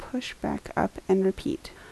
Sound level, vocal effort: 72 dB SPL, soft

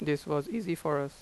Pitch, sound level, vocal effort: 150 Hz, 87 dB SPL, normal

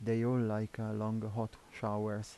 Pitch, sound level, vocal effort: 110 Hz, 81 dB SPL, soft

